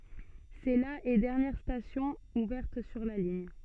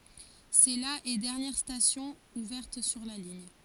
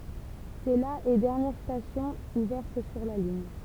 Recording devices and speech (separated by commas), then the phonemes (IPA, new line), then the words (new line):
soft in-ear microphone, forehead accelerometer, temple vibration pickup, read sentence
sɛ la e dɛʁnjɛʁ stasjɔ̃ uvɛʁt syʁ la liɲ
C'est la et dernière station ouverte sur la ligne.